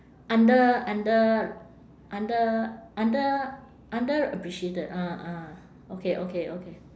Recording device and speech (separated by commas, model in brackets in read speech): standing microphone, conversation in separate rooms